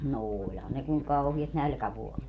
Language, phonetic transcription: Finnish, no "ooĺhan ne kuŋ 'kauhiat "nälkävuolet .
- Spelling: no olihan ne kun kauheat nälkävuodet

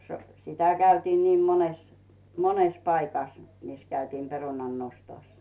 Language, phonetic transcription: Finnish, so- , 'sitä 'käytiin niim 'mones , "mones 'paikas , mis käytiim 'perunan'nostos .
- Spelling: - sitä käytiin niin monessa monessa paikassa missä käytiin perunannostossa

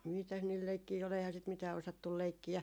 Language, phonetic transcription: Finnish, 'mitäs niil 'leikkii ol , eihää sit 'mitää osattul "leikki₍ä .
- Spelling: mitäs niillä leikkejä oli eihän sitä mitään osattu leikkiä

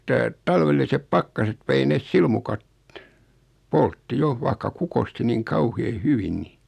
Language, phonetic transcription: Finnish, että , 'talvellisep 'pakkaset vei nes 'silmukat , "poltti 'jo , vaikka 'kukosti niiŋ 'kauhee "hyvin ni .
- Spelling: että talvelliset pakkaset vei ne silmukat poltti jo vaikka kukoisti niin kauhean hyvin niin

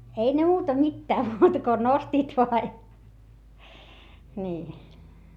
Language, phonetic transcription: Finnish, ei ne muuta mittää muuta ko nostiit voa ja , nii .
- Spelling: ei ne muuta mitään muuta kuin nostivat vain ja niin

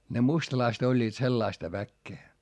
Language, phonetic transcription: Finnish, ne mustalaist ‿oĺĺiit sellaista väkkee .
- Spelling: ne mustalaiset olivat sellaista väkeä

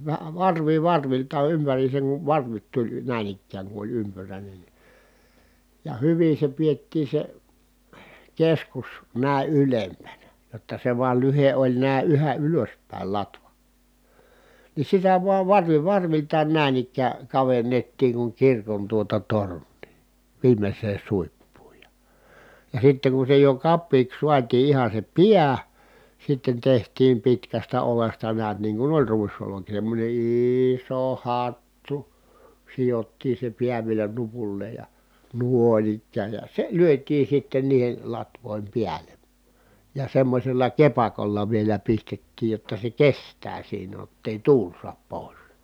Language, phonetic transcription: Finnish, vä- , varvi varvilta ympäriiseŋ kuv varvit tuĺ nä̀in ‿ikkääŋ ku oĺ ympyrä̀inen ni , ja hyvin̬ se piettii se , keskus , nä̀i̮ ʼylempänä , jotta se vual lyhe ʼoĺ nä̀i̮ yhä ʼylöspä̀il latva , ni sitä vuav varvi varviltaan nä̀in ‿ikkää , kavennettiiŋ kuŋ kirkon tuota torǹii , viimes̆seen̬ suippuuj ja , ja sitteŋ ku se jo kappiiks suatii iha se piä , sitten teht̀iim pitkästä olesta neät niiŋ ku oĺ ruisoloki semmońe iiiso hattu , sijottii se piä vielä nupulleej ja , nùon ‿ikkääj ja , se lyöt̆tiin̬ sitten niihel latvòim piälen , ja semmośella kepakolla vielä pistettiij jotta se kes̀tää siinä [j]ott ‿èi tuul suap pòi̮s .
- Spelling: - varvi varvilta ympäriinsä kun varvit tuli näin ikään kun oli ympyräinen niin ja hyvin se pidettiin se keskus näin ylempänä jotta se vain lyhde oli näin yhä ylöspäin latva niin sitä vain varvi varviltaan näin ikään kavennettiin kuin kirkon tuota tornia viimeiseen suippuun ja ja sitten kun se jo kapeaksi saatiin ihan se pää sitten tehtiin pitkästä oljesta näet niin kuin oli ruisolki semmoinen iso hattu sidottiin se pää vielä nupulleen ja noin ikään ja se lyötiin sitten niiden latvojen päälle ja semmoisella kepakolla vielä pistettiin jotta se kestää siinä jotta ei tuuli saa pois

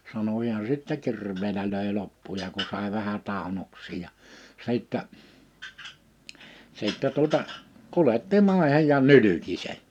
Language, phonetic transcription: Finnish, 'sano hiän sittɛ 'kirv̀eelä löè 'loppuja ku 'sàe vähä 'tàᵉnoks̀iij ja , 'sìttɛ , 'sìttɛ tuᵒta , 'kuletti 'màḙhej ja 'nylyki se[n] .
- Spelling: sanoi hän sitten kirveellä löi loppuja kun sai vähän tainnoksiin ja sitten sitten tuota kuljetti maihin ja nylki sen

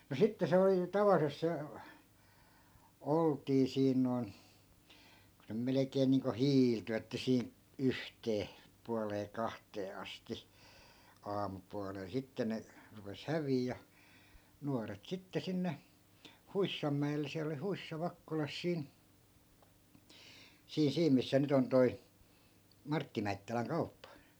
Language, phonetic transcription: Finnish, no 'sitte 'se oli , 'tavallisesᵗ se , 'oltii 'siin noi̮n , ku se 'melekeen niiŋko "hiilty että sii- , 'yhtee , pualee 'kahtee 'asti , 'aamupualel 'sitte ne , rupes 'häviij ja , 'nuaret sitte 'sinne , "huissammä₍el̆le siäl ‿oli 'huissa 'vakkolas "siin , 'sii 'siim missä 'nyt ‿on toi , 'martti mäittäläŋ 'kauppa .
- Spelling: no sitten se oli tavallisesti se oltiin siinä noin kun se melkein niin kuin hiiltyi että - yhteen puoleen kahteen asti aamupuolella sitten ne rupesi häviämään ja nuoret sitten sinne huissanmäelle siellä oli huissa Vakkolassa siinä siinä siinä missä nyt on toi Martti Mäittälän kauppa

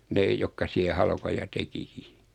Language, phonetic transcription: Finnish, 'nee jokka 'siä "halkoja 'tekiki .
- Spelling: ne jotka siellä halkoja tekikin

